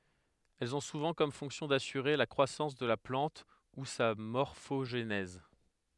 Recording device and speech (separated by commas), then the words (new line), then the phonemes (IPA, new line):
headset microphone, read sentence
Elles ont souvent comme fonction d'assurer la croissance de la plante ou sa morphogenèse.
ɛlz ɔ̃ suvɑ̃ kɔm fɔ̃ksjɔ̃ dasyʁe la kʁwasɑ̃s də la plɑ̃t u sa mɔʁfoʒnɛz